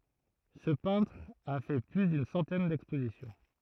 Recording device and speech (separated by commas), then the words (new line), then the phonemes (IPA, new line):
throat microphone, read sentence
Ce peintre a fait plus d'une centaine d'expositions.
sə pɛ̃tʁ a fɛ ply dyn sɑ̃tɛn dɛkspozisjɔ̃